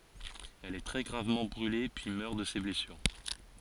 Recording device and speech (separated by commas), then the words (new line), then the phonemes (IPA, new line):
forehead accelerometer, read sentence
Elle est très gravement brûlée puis meurt de ses blessures.
ɛl ɛ tʁɛ ɡʁavmɑ̃ bʁyle pyi mœʁ də se blɛsyʁ